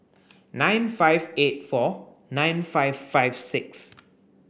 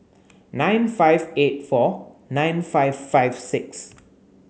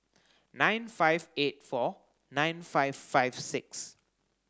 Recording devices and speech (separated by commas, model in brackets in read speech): boundary microphone (BM630), mobile phone (Samsung C9), close-talking microphone (WH30), read sentence